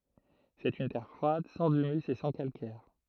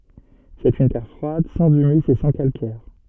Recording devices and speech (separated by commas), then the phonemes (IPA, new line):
throat microphone, soft in-ear microphone, read sentence
sɛt yn tɛʁ fʁwad sɑ̃z ymys e sɑ̃ kalkɛʁ